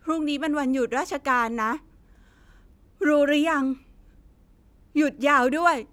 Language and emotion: Thai, sad